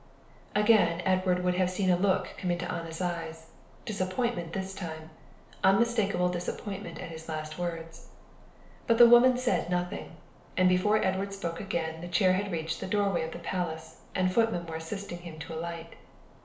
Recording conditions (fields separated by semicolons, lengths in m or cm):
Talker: one person; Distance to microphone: 1.0 m; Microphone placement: close; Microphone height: 1.1 m; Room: small (3.7 m by 2.7 m); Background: none